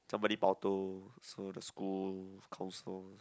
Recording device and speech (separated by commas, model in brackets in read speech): close-talking microphone, conversation in the same room